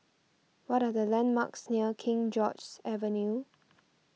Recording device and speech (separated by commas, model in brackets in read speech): mobile phone (iPhone 6), read sentence